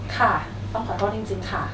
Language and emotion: Thai, neutral